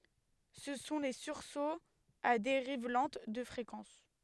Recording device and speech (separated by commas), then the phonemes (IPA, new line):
headset microphone, read sentence
sə sɔ̃ le syʁsoz a deʁiv lɑ̃t də fʁekɑ̃s